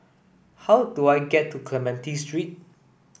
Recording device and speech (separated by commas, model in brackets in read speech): boundary microphone (BM630), read sentence